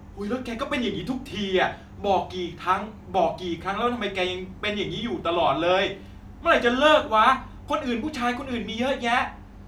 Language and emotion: Thai, angry